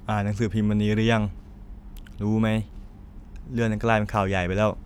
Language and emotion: Thai, frustrated